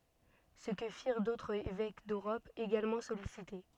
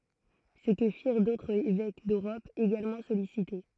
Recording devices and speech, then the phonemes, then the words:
soft in-ear microphone, throat microphone, read sentence
sə kə fiʁ dotʁz evɛk døʁɔp eɡalmɑ̃ sɔlisite
Ce que firent d'autres évêques d'Europe, également sollicités.

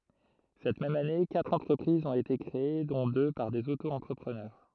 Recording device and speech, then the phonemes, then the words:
throat microphone, read sentence
sɛt mɛm ane katʁ ɑ̃tʁəpʁizz ɔ̃t ete kʁee dɔ̃ dø paʁ dez otoɑ̃tʁəpʁənœʁ
Cette même année, quatre entreprises ont été créées dont deux par des Auto-entrepreneurs.

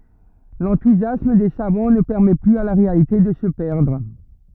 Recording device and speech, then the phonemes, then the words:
rigid in-ear microphone, read sentence
lɑ̃tuzjasm de savɑ̃ nə pɛʁmɛ plyz a la ʁealite də sə pɛʁdʁ
L'enthousiasme des savants ne permet plus à la réalité de se perdre.

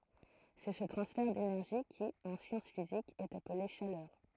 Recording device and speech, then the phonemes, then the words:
throat microphone, read sentence
sɛ sə tʁɑ̃sfɛʁ denɛʁʒi ki ɑ̃ sjɑ̃s fizikz ɛt aple ʃalœʁ
C'est ce transfert d'énergie qui, en sciences physiques, est appelé chaleur.

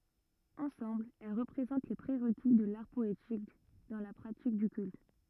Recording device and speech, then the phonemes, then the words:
rigid in-ear microphone, read sentence
ɑ̃sɑ̃bl ɛl ʁəpʁezɑ̃t le pʁeʁki də laʁ pɔetik dɑ̃ la pʁatik dy kylt
Ensemble, elles représentent les pré-requis de l'art poétique dans la pratique du culte.

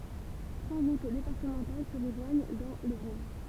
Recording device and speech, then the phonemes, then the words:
temple vibration pickup, read sentence
tʁwa ʁut depaʁtəmɑ̃tal sə ʁəʒwaɲ dɑ̃ lə buʁ
Trois routes départementales se rejoignent dans le bourg.

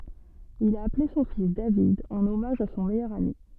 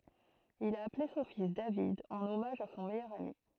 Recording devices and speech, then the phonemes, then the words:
soft in-ear microphone, throat microphone, read sentence
il a aple sɔ̃ fis david ɑ̃n ɔmaʒ a sɔ̃ mɛjœʁ ami
Il a appelé son fils David en hommage à son meilleur ami.

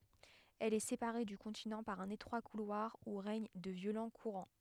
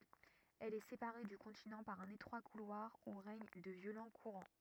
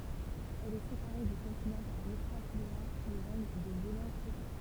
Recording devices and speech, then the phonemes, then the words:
headset microphone, rigid in-ear microphone, temple vibration pickup, read sentence
ɛl ɛ sepaʁe dy kɔ̃tinɑ̃ paʁ œ̃n etʁwa kulwaʁ u ʁɛɲ də vjolɑ̃ kuʁɑ̃
Elle est séparée du continent par un étroit couloir où règnent de violents courants.

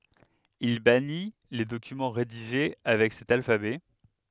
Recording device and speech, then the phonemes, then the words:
headset microphone, read sentence
il bani le dokymɑ̃ ʁediʒe avɛk sɛt alfabɛ
Il bannit les documents rédigés avec cet alphabet.

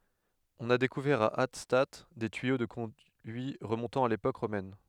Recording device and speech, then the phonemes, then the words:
headset microphone, read sentence
ɔ̃n a dekuvɛʁ a atstat de tyijo də kɔ̃dyi ʁəmɔ̃tɑ̃ a lepok ʁomɛn
On a découvert à Hattstatt des tuyaux de conduits remontant à l'époque romaine.

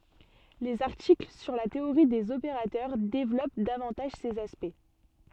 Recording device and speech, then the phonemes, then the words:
soft in-ear microphone, read sentence
lez aʁtikl syʁ la teoʁi dez opeʁatœʁ devlɔp davɑ̃taʒ sez aspɛkt
Les articles sur la théorie des opérateurs développent davantage ces aspects.

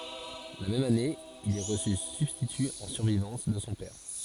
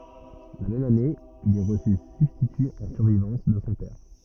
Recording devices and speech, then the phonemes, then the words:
forehead accelerometer, rigid in-ear microphone, read sentence
la mɛm ane il ɛ ʁəsy sybstity ɑ̃ syʁvivɑ̃s də sɔ̃ pɛʁ
La même année, il est reçu substitut en survivance de son père.

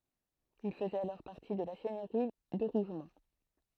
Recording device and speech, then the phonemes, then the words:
throat microphone, read sentence
il fəzɛt alɔʁ paʁti də la sɛɲøʁi də ʁuʒmɔ̃
Il faisait alors partie de la seigneurie de Rougemont.

